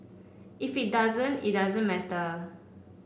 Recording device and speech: boundary microphone (BM630), read sentence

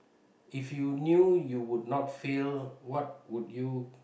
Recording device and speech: boundary microphone, conversation in the same room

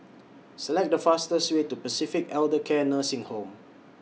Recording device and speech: mobile phone (iPhone 6), read sentence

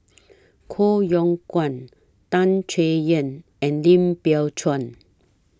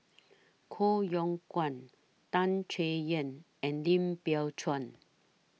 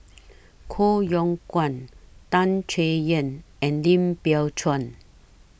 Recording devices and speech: standing microphone (AKG C214), mobile phone (iPhone 6), boundary microphone (BM630), read sentence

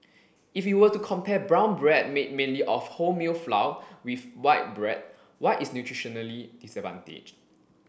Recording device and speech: boundary microphone (BM630), read sentence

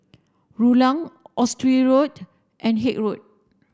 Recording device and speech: standing microphone (AKG C214), read sentence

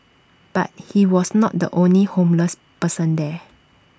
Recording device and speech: standing microphone (AKG C214), read sentence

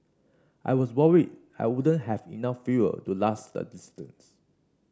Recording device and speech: standing microphone (AKG C214), read sentence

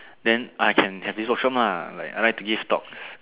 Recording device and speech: telephone, conversation in separate rooms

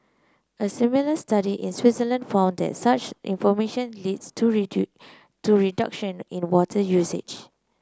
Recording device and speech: close-talking microphone (WH30), read sentence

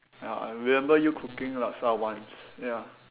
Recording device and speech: telephone, conversation in separate rooms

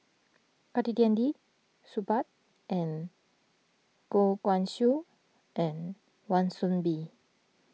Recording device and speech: mobile phone (iPhone 6), read sentence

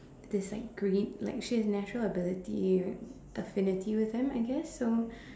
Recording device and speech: standing microphone, conversation in separate rooms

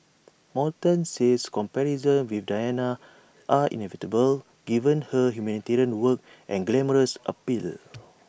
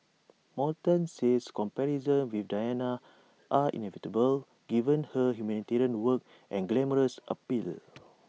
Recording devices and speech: boundary microphone (BM630), mobile phone (iPhone 6), read sentence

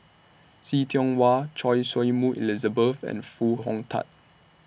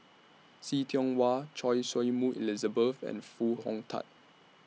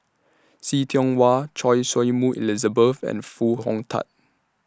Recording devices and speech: boundary microphone (BM630), mobile phone (iPhone 6), standing microphone (AKG C214), read sentence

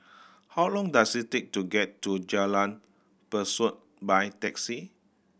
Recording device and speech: boundary microphone (BM630), read sentence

